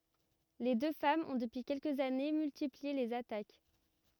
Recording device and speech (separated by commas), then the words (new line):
rigid in-ear microphone, read sentence
Les deux femmes ont depuis quelques années, multiplié les attaques.